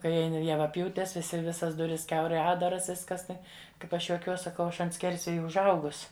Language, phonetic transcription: Lithuanian, ˈkai javaˈpjūtes viˈsi ˈvisas ˈduris ˈkiaurai ˈatdaras ˈviskas ˈtai ˈkaip ˈaš juoˈkiuos saˈkau ˈaš ant ˈskersvėja užˈaugus

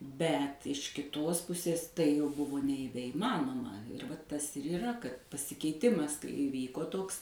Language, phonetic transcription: Lithuanian, ˈbet iš kiˈtos ˈpusės tai jau ˈbuvo neįveiˈmanoma vat ˈtas ir yˈra kad pasikeiˈtimas kai iˈvyko ˈtoks

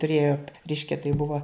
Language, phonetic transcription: Lithuanian, tuˈrėjo ˈreiškia tai ˈbuva

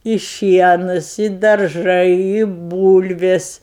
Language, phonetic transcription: Lithuanian, i ˈšienus i darˈžai i ˈbūlvės

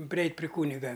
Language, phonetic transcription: Lithuanian, priˈeit' pri ˈkūniga

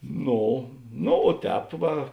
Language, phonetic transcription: Lithuanian, ˈno no o ˈtēp ˈva

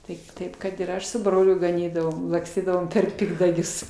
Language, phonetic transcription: Lithuanian, ˈtaip ˈtaip kad ir ˈaš su ˈbroliu gaˈnydavom lakˈstydavom per ˈpikdagius

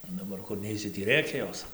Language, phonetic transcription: Lithuanian, o daˈbar kur ˈneisi tį ˈrėkia ˈjos

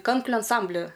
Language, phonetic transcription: Lithuanian, ˈkankliu anˈsambli

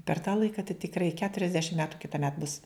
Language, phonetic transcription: Lithuanian, per tą ˈlaika tai tikˈrai keturiasˈdešim ˈmetu kitaˈmet bus

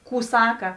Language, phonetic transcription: Lithuanian, ˈkų ˈsaka

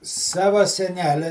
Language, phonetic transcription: Lithuanian, ˈsava seˈnele

